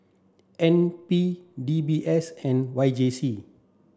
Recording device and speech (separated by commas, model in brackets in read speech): standing microphone (AKG C214), read sentence